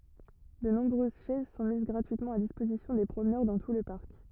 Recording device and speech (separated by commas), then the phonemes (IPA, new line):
rigid in-ear microphone, read sentence
də nɔ̃bʁøz ʃɛz sɔ̃ miz ɡʁatyitmɑ̃ a dispozisjɔ̃ de pʁomnœʁ dɑ̃ tu lə paʁk